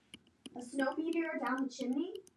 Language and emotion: English, neutral